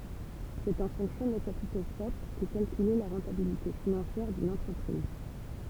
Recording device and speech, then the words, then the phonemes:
temple vibration pickup, read sentence
C'est en fonction des capitaux propres qu'est calculée la rentabilité financière d'une entreprise.
sɛt ɑ̃ fɔ̃ksjɔ̃ de kapito pʁɔpʁ kɛ kalkyle la ʁɑ̃tabilite finɑ̃sjɛʁ dyn ɑ̃tʁəpʁiz

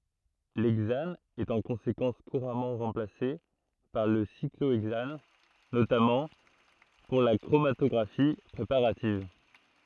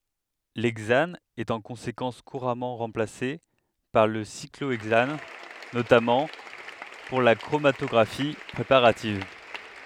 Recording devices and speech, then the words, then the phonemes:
throat microphone, headset microphone, read sentence
L'hexane est en conséquence couramment remplacé par le cyclohexane, notamment pour la chromatographie préparative.
lɛɡzan ɛt ɑ̃ kɔ̃sekɑ̃s kuʁamɑ̃ ʁɑ̃plase paʁ lə sikloɛɡzan notamɑ̃ puʁ la kʁomatɔɡʁafi pʁepaʁativ

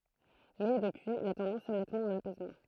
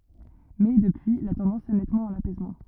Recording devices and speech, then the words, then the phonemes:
throat microphone, rigid in-ear microphone, read sentence
Mais, depuis, la tendance est nettement à l'apaisement.
mɛ dəpyi la tɑ̃dɑ̃s ɛ nɛtmɑ̃ a lapɛsmɑ̃

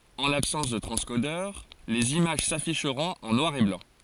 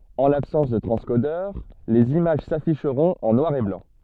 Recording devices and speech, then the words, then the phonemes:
forehead accelerometer, soft in-ear microphone, read sentence
En l'absence de transcodeur, les images s'afficheront en noir et blanc.
ɑ̃ labsɑ̃s də tʁɑ̃skodœʁ lez imaʒ safiʃʁɔ̃t ɑ̃ nwaʁ e blɑ̃

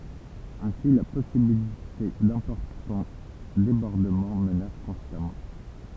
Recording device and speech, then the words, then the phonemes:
temple vibration pickup, read sentence
Ainsi la possibilité d'importants débordements menace constamment.
ɛ̃si la pɔsibilite dɛ̃pɔʁtɑ̃ debɔʁdəmɑ̃ mənas kɔ̃stamɑ̃

